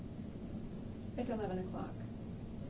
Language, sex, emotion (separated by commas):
English, female, neutral